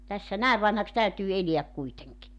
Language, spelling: Finnish, tässä näin vanhaksi täytyy elää kuitenkin
- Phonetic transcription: tässä "nä̀ev 'vanhaks 'täytyy 'eliäk kuiteŋki .

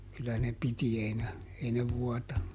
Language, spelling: Finnish, kyllä ne piti ei ne ei ne vuotanut
- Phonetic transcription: kyllä ne "piti ˈei ne , ˈei ne "vuɔtanu .

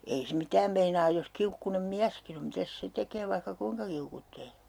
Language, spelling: Finnish, ei se mitään meinaa jos kiukkuinen mieskin on mitäs se tekee vaikka kuinka kiukkuaa
- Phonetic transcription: 'ei se 'mitääm meinaaj jos 'kiukkunem "miäskin ‿om 'mitäs 'se tekee vaihka 'kuiŋka 'kiukuttee .

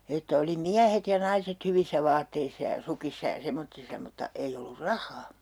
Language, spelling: Finnish, että oli miehet ja naiset hyvissä vaatteissa ja sukissa ja semmoisissa mutta ei ollut rahaa
- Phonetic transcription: että oli "miähet ja "naiset 'hyvissä 'vaatteissa ja 'sukissa ja 'semottissa mutta 'ei ollur "rah̆haa .

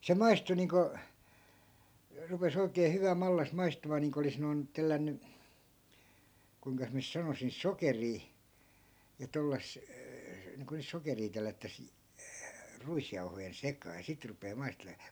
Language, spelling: Finnish, se maistui niin kuin rupesi oikein hyvä mallas maistumaan niin kuin olisi noin tellännyt kuinkas minä nyt sanoisin sokeria ja - niin kuin nyt sokeria tellättäisiin ruisjauhojen sekaan ja sitten rupeaa maistelemaan
- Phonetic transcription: se 'maistu niiŋko , 'rupes ‿oikee 'hyvä 'mallas 'maistumaa niiŋko olis noi̮n , 'tellänny , kuiŋkas miä nys 'sanosin "sokerii , ja 'tollas- , niiŋko nyt 'sokerii 'tellättäs , 'ruisjauhojen "sekaa ja 'sit rupee 'maistelee .

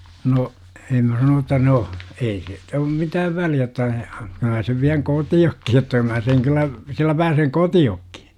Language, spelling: Finnish, no en minä sanoin jotta no ei siitä ole mitään väliä jotta kyllä minä sen vien kotiinkin jotta mä sen kyllä sillä pääsen kotiinkin
- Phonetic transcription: no , em mä sanoon ‿otta 'no » , 'ei siit ‿om 'mitääv väli₍ä otta kyl mä sev viäŋ "koti₍okki jotta 'mää seŋ kyllä , 'sillä pääseŋ "koti₍okkI .

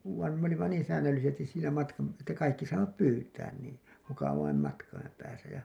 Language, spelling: Finnish, vaan me olimme niin säännöllisesti siinä matkan että kaikki saivat pyytää niin mukavan matkan päässä ja
- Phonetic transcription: van me ‿olimma 'niin säännöllisestis siinä matkam§ , että 'kaikki saivat "pyytään niin , 'mukavaim 'matkaim pääsä ja .

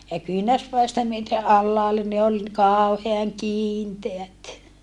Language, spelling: Finnish, ja kyynärpäistä myöten alhaalle niin oli kauhean kiinteät
- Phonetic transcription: ja kyinärspäistä myöte ʼallaalle ni ol , kàuheaŋ kiinteät .

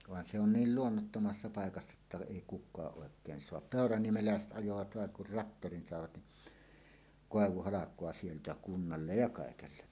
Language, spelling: Finnish, vaan se on niin luonnottomassa paikassa että ei kukaan oikein saa peuraniemeläiset ajoivat vain kun traktorin saivat niin koivuhalkoa sieltä kunnalle ja kaikelle
- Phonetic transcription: van 'se ‿on "niil "luonnottomassa 'paekassa että èi kuk̆kaaˀ ˀòek̀een soap "pèoraniemelä̀eset 'ˀajovat 'vàeŋ kur "rattorin 'sàevat ni , 'kòevuhalak̀oa sieltä "kunnallej ja 'kàekelle .

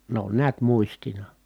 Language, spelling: Finnish, ne on näet muistina
- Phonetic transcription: n ‿on neät muistina .

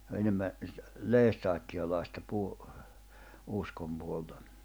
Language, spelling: Finnish, se on enemmän lestadiolaista - uskon puolta
- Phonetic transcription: s ‿o enemmä , 'leestaatti₍olaista 'puo- , 'uskom puoltᴀ .

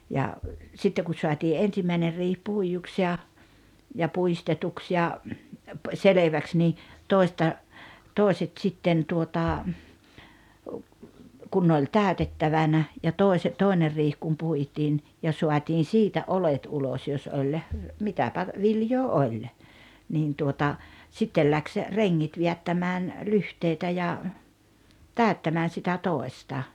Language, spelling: Finnish, ja sitten kun saatiin ensimmäinen riihi puiduksi ja ja puistetuksi ja selväksi niin toista toiset sitten tuota kun ne oli täytettävänä ja - toinen riihi kun puitiin ja saatiin siitä oljet ulos jos oli mitäpä viljaa oli niin tuota sitten lähti rengit vedättämään lyhteitä ja täyttämään sitä toista
- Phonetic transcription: ja , 'sitte ku 'soatii "’ensimmäiner 'riih "puijuks ja , ja 'puistetuks ja , "seleväks nii , "tòi̬sta , "tòi̬set 'sitten tuota , 'kun ne oĺ "tä̀ötettavana , ja 'tòise- , 'tòiner riih kum 'puitiin , ja 'suatiin "siitä "’olet 'ulos jos oĺ , 'mitäpä , 'viljoo "oĺ , niin tuota , 'sittel 'läks , 'reŋŋit 'viättämään , "lyhteitä ja , "tä̀öttämään sitä "tòesta .

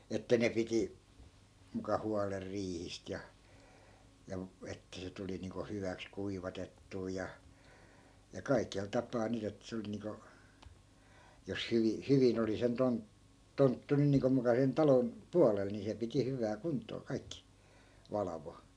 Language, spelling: Finnish, että ne piti muka huolen riihistä ja ja että se tuli niin kuin hyväksi kuivatettua ja ja kaikella tapaa nyt että se oli niin kuin jos - hyvin oli sen - tonttu nyt niin kuin muka sen talon puolella niin se piti hyvään kuntoon kaikki valvoi
- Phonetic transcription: että 'ne piti , muka 'hualer "riihist ja , ja , 'että se tuli niiŋko 'hyväks "kuivatettuu ja , ja 'kaikel 'tapaa 'nyt ‿et se oli niiŋko , 'jos "hyvi- , "hyvin ‿oli sen 'ton- , 'tonttu nyn niiŋko muka sen 'talon , "pualel ni se piti 'hyvää 'kunt̆too 'kaikki , "valavo .

